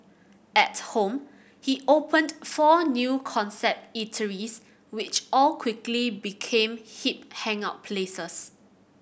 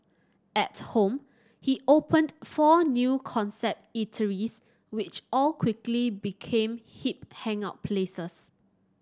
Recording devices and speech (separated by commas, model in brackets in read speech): boundary microphone (BM630), standing microphone (AKG C214), read sentence